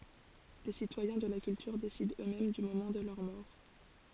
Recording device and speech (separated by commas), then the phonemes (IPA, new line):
forehead accelerometer, read sentence
le sitwajɛ̃ də la kyltyʁ desidɑ̃ øksmɛm dy momɑ̃ də lœʁ mɔʁ